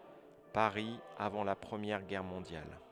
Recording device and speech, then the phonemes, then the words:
headset microphone, read sentence
paʁi avɑ̃ la pʁəmjɛʁ ɡɛʁ mɔ̃djal
Paris, avant la Première Guerre mondiale.

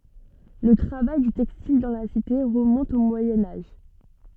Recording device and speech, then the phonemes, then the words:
soft in-ear microphone, read sentence
lə tʁavaj dy tɛkstil dɑ̃ la site ʁəmɔ̃t o mwajɛ̃ aʒ
Le travail du textile dans la cité remonte au Moyen Âge.

